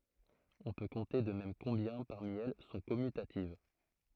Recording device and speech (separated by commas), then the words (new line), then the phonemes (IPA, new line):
throat microphone, read sentence
On peut compter de même combien, parmi elles, sont commutatives.
ɔ̃ pø kɔ̃te də mɛm kɔ̃bjɛ̃ paʁmi ɛl sɔ̃ kɔmytativ